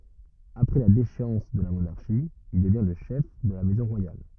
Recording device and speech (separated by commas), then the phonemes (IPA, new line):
rigid in-ear microphone, read sentence
apʁɛ la deʃeɑ̃s də la monaʁʃi il dəvjɛ̃ lə ʃɛf də la mɛzɔ̃ ʁwajal